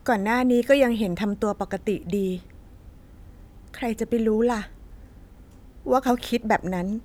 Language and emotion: Thai, sad